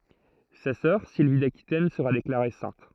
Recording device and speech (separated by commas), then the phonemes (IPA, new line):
throat microphone, read sentence
sa sœʁ silvi dakitɛn səʁa deklaʁe sɛ̃t